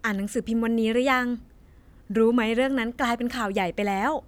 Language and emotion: Thai, happy